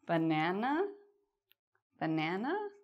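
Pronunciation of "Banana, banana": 'Banana, banana' is said in a confused tone.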